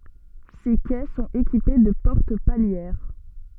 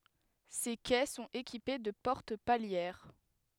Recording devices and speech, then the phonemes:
soft in-ear microphone, headset microphone, read sentence
se kɛ sɔ̃t ekipe də pɔʁt paljɛʁ

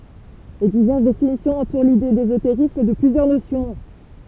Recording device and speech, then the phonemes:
temple vibration pickup, read sentence
le divɛʁs definisjɔ̃z ɑ̃tuʁ lide dezoteʁism də plyzjœʁ nosjɔ̃

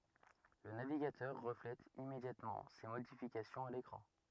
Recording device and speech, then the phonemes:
rigid in-ear microphone, read sentence
lə naviɡatœʁ ʁəflɛt immedjatmɑ̃ se modifikasjɔ̃z a lekʁɑ̃

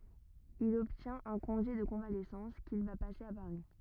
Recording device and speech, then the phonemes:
rigid in-ear microphone, read sentence
il ɔbtjɛ̃t œ̃ kɔ̃ʒe də kɔ̃valɛsɑ̃s kil va pase a paʁi

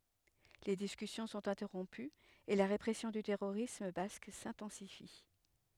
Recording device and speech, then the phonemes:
headset microphone, read sentence
le diskysjɔ̃ sɔ̃t ɛ̃tɛʁɔ̃pyz e la ʁepʁɛsjɔ̃ dy tɛʁoʁism bask sɛ̃tɑ̃sifi

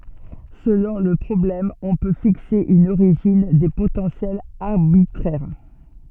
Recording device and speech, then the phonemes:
soft in-ear microphone, read sentence
səlɔ̃ lə pʁɔblɛm ɔ̃ pø fikse yn oʁiʒin de potɑ̃sjɛlz aʁbitʁɛʁ

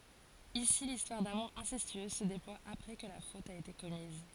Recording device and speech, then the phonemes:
forehead accelerometer, read sentence
isi listwaʁ damuʁ ɛ̃sɛstyøz sə deplwa apʁɛ kə la fot a ete kɔmiz

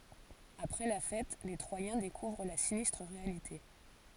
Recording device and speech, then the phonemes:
forehead accelerometer, read sentence
apʁɛ la fɛt le tʁwajɛ̃ dekuvʁ la sinistʁ ʁealite

